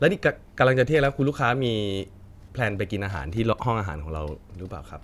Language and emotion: Thai, neutral